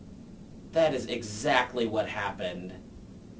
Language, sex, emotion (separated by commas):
English, male, disgusted